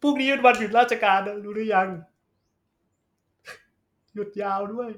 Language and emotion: Thai, sad